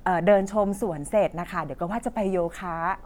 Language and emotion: Thai, happy